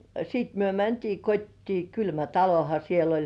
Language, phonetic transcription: Finnish, ja , 'siit myö 'mäntii "kot́tii , 'kylmä "taloha siel ‿oĺ .
- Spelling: ja sitten me mentiin kotiin kylmä talohan siellä oli

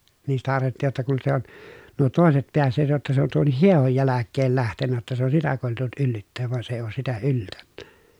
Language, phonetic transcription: Finnish, niin sitä arvelttìj jotta kun se on , nuo tòeset peässeet jotta se on tuonnih hiehoj jäläkkeel lähtennä jotta se on sitä kòetellut yllytteev vᵘan se ei oos sitä yltÄNNÄ .
- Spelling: niin sitä arveltiin jotta kun se on nuo toiset päässeet jotta se on tuonkin hiehon jälkeen lähtenyt jotta se on sitä koetellut yllyttää vaan se ei ole sitä yltänyt

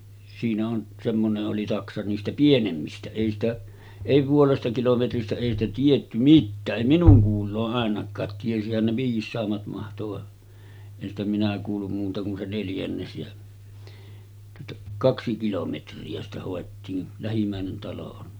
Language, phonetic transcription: Finnish, siinä on , semmone’ ’oli 'taksa niistä "pienemmistä , èi ‿stä , èi 'puolesta 'kilometristä èi ‿stä tietty 'mittää’ '’èi 'minuŋ kuul̆loo’ ’àenak̆kaat tiesihän ne 'viis̀aammat mahto va , en ‿stä 'minä kuullum muuta kun se 'neljännes jä , tuota , 'kaksi kilometri₍ä sitä hòettiin , 'lähim̳m̳§ä̀enen talo on .
- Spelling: siinä on semmoinen oli taksa niistä pienemmistä ei sitä ei puolesta kilometristä ei sitä tiedetty mitään ei minun kuuloon ainakaan tiesihän ne viisaammat mahtoi vaan en sitä minä kuullut muuta kuin se neljännes ja tuota kaksi kilometriä sitä hoettiin lähimmäinen talo on

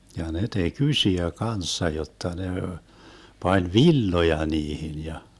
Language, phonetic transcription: Finnish, ja 'ne tek "ysiä "kanssa 'jotta ne , 'pań "villoja 'niihin ja ,.
- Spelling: ja ne teki isoja kanssa jotta ne pani villoja niihin ja

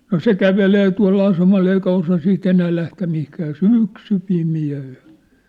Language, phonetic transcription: Finnish, no "se "kävelee tua̭l'l ‿asemal ‿eikä 'osa 'sii't ‿enää 'lähtä 'mihkää ja "sỳksy 'pimi₍ä (ol) .
- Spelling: no se kävelee tuolla asemalla eikä osaa siitä enää lähteä mihinkään ja syksy pimeä oli

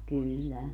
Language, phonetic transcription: Finnish, 'kyl"lä .
- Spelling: kyllä

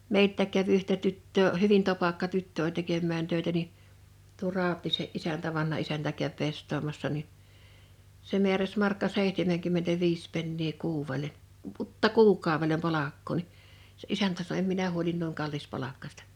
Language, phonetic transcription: Finnish, 'meilttä̀k̆ käv yhtä 'tyttöö , "hyvin topakka 'tyttö oĺ 'tekemmään 'tö̀etä ni , tuo Ràot̆tiise’ '’isäntä 'vanha isäntä käv 'pest̆toomassa ni , se 'mi̬äräs 'markka 'sèihtemeŋkymmentäviis pennii 'kuuwwele , p-’utta "kuuk̆kàovelem 'palakkoo ni , se '’isäntä sano » 'em minä huolin nuiŋ 'kallis'palakkaśta « .
- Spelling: meiltäkin kävi yhtä tyttöä hyvin topakka tyttö oli tekemään töitä niin tuo Rautiaisen isäntä vanha isäntä kävi pestaamassa niin se määräsi markka seitsemänkymmentäviisi penniä kuudelle - kuukaudelle palkkaa niin se isäntä sanoi en minä huoli noin kallispalkkaista

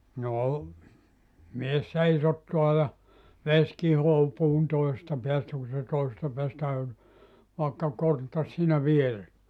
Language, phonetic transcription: Finnish, "no , 'mies "seisottua ja , 'ves kihoo , 'puun 'toisesta 'peästä ku se 'toisesta peästä e , 'vàkka 'konttas siinä "viere[ssä] .
- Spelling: no mies seisottaa ja vesi kihoaa puun toisesta päästä kun se toisesta päästä - vaikka konttasi siinä vieressä

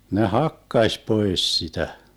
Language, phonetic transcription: Finnish, ne "hakkaś 'poes 'sitä .
- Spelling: ne hakkasi pois sitä

